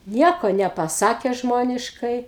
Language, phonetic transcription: Lithuanian, ˈnieko nepaˈsake ˈžmoniškai

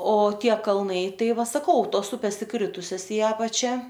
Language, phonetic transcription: Lithuanian, o ˈtie kalˈnai ˈtai ˈva saˈkau ˈtos ˈupės iˈkritusias i ˈapačia

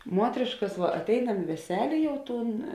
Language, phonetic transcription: Lithuanian, ˈmuotrėškas ˈva atˈeinam i veˈselė ˈjau ˈtūn

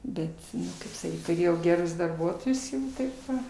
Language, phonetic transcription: Lithuanian, ˈbet ˈkaip saˈkyt tuˈrėjau geˈrus darˈbuotojus ˈnu ˈtaip va

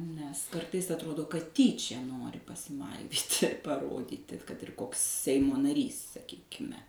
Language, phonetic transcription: Lithuanian, nes ˈkartais atˈrodo kad ˈtyčia ˈnori pasiˈmaivyti paˈrodyti ˈkad ir ˈkoks ˈseimo naˈrys saˈkykime

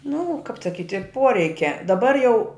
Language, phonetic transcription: Lithuanian, nu kap saˈkiti ˈporeikia daˈbar jau

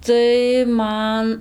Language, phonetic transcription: Lithuanian, tai ˈman

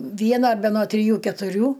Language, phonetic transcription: Lithuanian, ˈviena be no triˈjų ketuˈrių

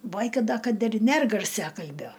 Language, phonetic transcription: Lithuanian, ˈbaika ˈda kad ir ˈner garˈsiakalbio

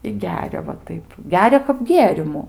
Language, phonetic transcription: Lithuanian, i ˈgeria va ˈtaip ˈgeria kap ˈgėrimu

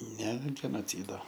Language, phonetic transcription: Lithuanian, ne genoˈcydo

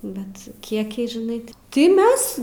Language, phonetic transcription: Lithuanian, ˈbet ˈkiekiai žiˈnai ˈti ti ˈmes

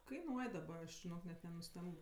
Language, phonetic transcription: Lithuanian, kaiˈnuoj daˈba aš žiˈnok net nenuˈstemb

